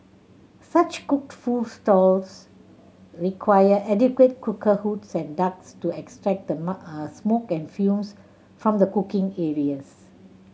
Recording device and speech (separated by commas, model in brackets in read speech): mobile phone (Samsung C7100), read sentence